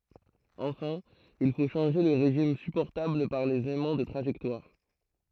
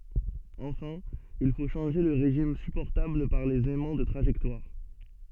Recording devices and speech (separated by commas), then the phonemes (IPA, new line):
throat microphone, soft in-ear microphone, read sentence
ɑ̃fɛ̃ il fo ʃɑ̃ʒe lə ʁeʒim sypɔʁtabl paʁ lez ɛmɑ̃ də tʁaʒɛktwaʁ